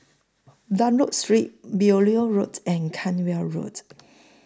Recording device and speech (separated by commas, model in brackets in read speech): close-talking microphone (WH20), read sentence